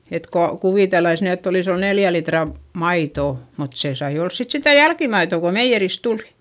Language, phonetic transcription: Finnish, et ko , kuvìtellais ny ett ‿olis ‿ol neljä litra , maitò , mut se sai ols sit sitä jälkimaitò ko meijjeris tulI .
- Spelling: että kun kuviteltaisiin nyt että olisi ollut neljä litraa maitoa mutta se sai olla sitten sitä jälkimaitoa kun meijeristä tuli

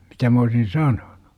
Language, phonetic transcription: Finnish, mitä m ‿oosin "sanoNU .
- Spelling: mitä minä olisin sanonut

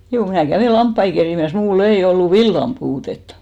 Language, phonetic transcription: Finnish, 'juu , mnä̀ 'kävè "lamppai kerìmäs , 'muul"l ‿ei 'ollu "villam puutetta .
- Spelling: juu minä kävin lampaita kerimässä minulla ei ollut villan puutetta

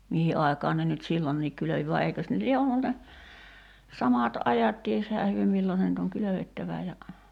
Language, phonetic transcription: Finnish, 'mihi ’ai̬kaan ne nyt "sillonniik 'kylövi va 'eikös ne lie 'ollu ne , 'samat 'ajat 'tieshää hyö nyt 'millon̬ (se) nyt ‿oŋ "kylövettävä ja ,.
- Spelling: mihin aikaan ne nyt silloinkin kylvi vaan eikös ne lie ollut ne samat ajat tiesihän he nyt milloin se nyt on kylvettävä ja

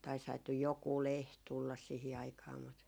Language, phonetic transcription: Finnish, (taishait) nyj 'jokuu "leht tullas sihi 'aikaa mut ,.
- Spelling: - nyt joku lehti tulla siihen aikaan mutta

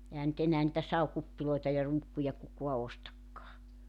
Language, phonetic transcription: Finnish, 'ehän ny't ‿enää nⁱtä 'sau"kuppiloeta ja 'ruukkuja 'kukoa 'ostakkaa .
- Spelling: eihän nyt enää niitä savikuppeja ja ruukkuja kukaan ostakaan

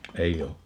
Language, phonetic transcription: Finnish, 'eij ‿o .
- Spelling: ei ole

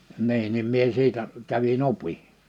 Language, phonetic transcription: Finnish, 'niin nim mie 'siitä , 'kävi"n ‿opi .
- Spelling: niin niin minä siitä kävin opin

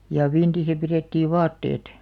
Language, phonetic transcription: Finnish, ja 'vintisä 'pirèttiiv̆ "vaatteet .
- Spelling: ja vintissä pidettiin vaatteet

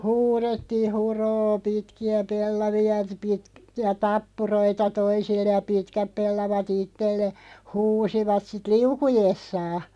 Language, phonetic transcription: Finnish, huuðettii » 'hu"rô "pitki₍ä 'pellavi₍a t- pi(tki₍ä) "tappuroita 'toisille ja "pitkäp 'pellava't ‿ittelle « , 'huusivat sit "liukujessaa .
- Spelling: huudettiin huroo pitkiä pellavia - pitkiä tappuroita toisille ja pitkät pellavat itselle huusivat sitten liukuessaan

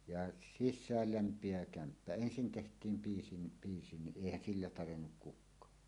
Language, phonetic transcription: Finnish, ja "sis̆sääl 'lämp̀ievä 'kämppä "ensin teht̀iim 'piisi ni , piisi ni "ˀèihän "sillä 'tarennuk 'kuk̆kaa .
- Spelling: ja sisään lämpenevä kämppä ensin tehtiin piisi niin piisi niin eihän sillä tarjennut kukaan

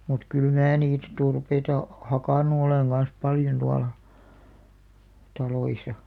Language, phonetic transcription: Finnish, mut 'kyl 'mää niit , 'turpeita , "hakànu oleŋ ɢan̬s 'paljon tuala , 'taloisa .
- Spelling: mutta kyllä minä niitä turpeita hakannut olen kanssa paljon tuolla taloissa

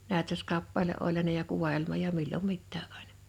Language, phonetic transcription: Finnish, 'nä̀ötöskappale’ ’oĺ ja ne ja 'kuva₍elma ja 'millom 'mittää 'ᴀ̀ɪɴᴀ .
- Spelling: näytöskappale oli ja ne ja kuvaelma ja milloin mitäkin aina

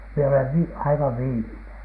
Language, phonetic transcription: Finnish, mie olev 'vi- , 'aivav "viimineN .
- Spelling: minä olen - aivan viimeinen

